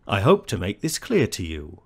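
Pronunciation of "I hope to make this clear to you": The rhythm goes weak-strong four times: 'hope', 'make', 'clear' and 'you' are strong, while 'I', 'to', 'this' and the second 'to' are weak.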